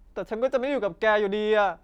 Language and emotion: Thai, sad